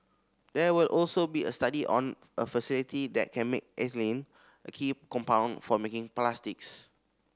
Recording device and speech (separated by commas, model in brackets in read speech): standing microphone (AKG C214), read sentence